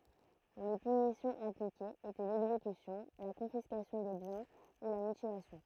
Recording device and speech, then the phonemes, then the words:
throat microphone, read sentence
le pynisjɔ̃z aplikez etɛ lɛɡzekysjɔ̃ la kɔ̃fiskasjɔ̃ de bjɛ̃ u la mytilasjɔ̃
Les punitions appliquées étaient l'exécution, la confiscation des biens ou la mutilation.

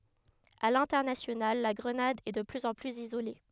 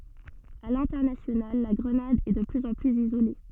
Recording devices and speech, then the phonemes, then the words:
headset microphone, soft in-ear microphone, read sentence
a lɛ̃tɛʁnasjonal la ɡʁənad ɛ də plyz ɑ̃ plyz izole
À l'international, la Grenade est de plus en plus isolée.

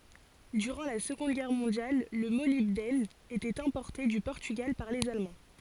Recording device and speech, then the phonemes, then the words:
forehead accelerometer, read sentence
dyʁɑ̃ la səɡɔ̃d ɡɛʁ mɔ̃djal lə molibdɛn etɛt ɛ̃pɔʁte dy pɔʁtyɡal paʁ lez almɑ̃
Durant la Seconde Guerre mondiale, le molybdène était importé du Portugal par les Allemands.

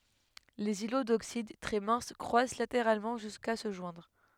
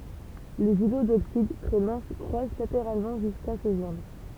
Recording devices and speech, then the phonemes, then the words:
headset microphone, temple vibration pickup, read sentence
lez ilo doksid tʁɛ mɛ̃s kʁwas lateʁalmɑ̃ ʒyska sə ʒwɛ̃dʁ
Les îlots d'oxyde, très minces, croissent latéralement jusqu'à se joindre.

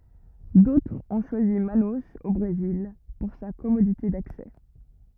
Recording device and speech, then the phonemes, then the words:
rigid in-ear microphone, read sentence
dotʁz ɔ̃ ʃwazi manoz o bʁezil puʁ sa kɔmodite daksɛ
D’autres ont choisi Manaus, au Brésil, pour sa commodité d’accès.

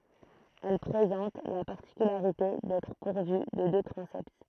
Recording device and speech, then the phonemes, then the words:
throat microphone, read sentence
ɛl pʁezɑ̃t la paʁtikylaʁite dɛtʁ puʁvy də dø tʁɑ̃sɛt
Elle présente la particularité d'être pourvue de deux transepts.

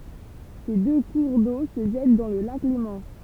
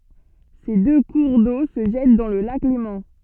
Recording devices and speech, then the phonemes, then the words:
temple vibration pickup, soft in-ear microphone, read sentence
se dø kuʁ do sə ʒɛt dɑ̃ lə lak lemɑ̃
Ces deux cours d'eau se jettent dans le lac Léman.

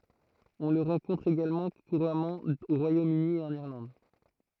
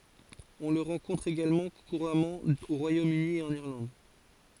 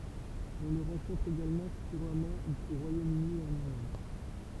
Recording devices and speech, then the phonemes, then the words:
throat microphone, forehead accelerometer, temple vibration pickup, read sentence
ɔ̃ lə ʁɑ̃kɔ̃tʁ eɡalmɑ̃ kuʁamɑ̃ o ʁwajomøni e ɑ̃n iʁlɑ̃d
On le rencontre également couramment au Royaume-Uni et en Irlande.

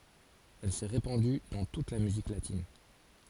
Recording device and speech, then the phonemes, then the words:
forehead accelerometer, read sentence
ɛl sɛ ʁepɑ̃dy dɑ̃ tut la myzik latin
Elle s'est répandue dans toute la musique latine.

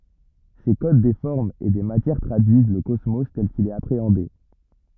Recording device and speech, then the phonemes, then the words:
rigid in-ear microphone, read sentence
se kod de fɔʁmz e de matjɛʁ tʁadyiz lə kɔsmo tɛl kil ɛt apʁeɑ̃de
Ces codes des formes et des matières traduisent le cosmos tel qu'il est appréhendé.

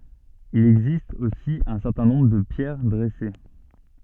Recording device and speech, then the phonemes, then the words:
soft in-ear microphone, read sentence
il ɛɡzist osi œ̃ sɛʁtɛ̃ nɔ̃bʁ də pjɛʁ dʁɛse
Il existe aussi un certain nombre de pierres dressées.

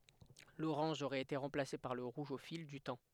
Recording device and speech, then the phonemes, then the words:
headset microphone, read sentence
loʁɑ̃ʒ oʁɛt ete ʁɑ̃plase paʁ lə ʁuʒ o fil dy tɑ̃
L'orange aurait été remplacé par le rouge au fil du temps.

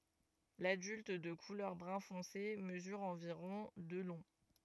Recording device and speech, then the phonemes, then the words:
rigid in-ear microphone, read sentence
ladylt də kulœʁ bʁœ̃ fɔ̃se məzyʁ ɑ̃viʁɔ̃ də lɔ̃
L'adulte, de couleur brun foncé, mesure environ de long.

